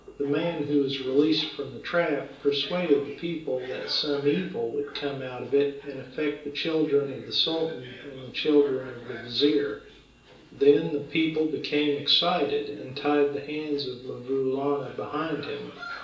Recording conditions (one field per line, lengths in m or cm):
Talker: one person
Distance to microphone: 1.8 m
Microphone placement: close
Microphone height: 1.0 m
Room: large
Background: television